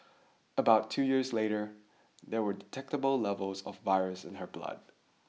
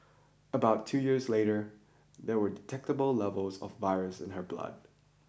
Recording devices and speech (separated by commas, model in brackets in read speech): mobile phone (iPhone 6), boundary microphone (BM630), read sentence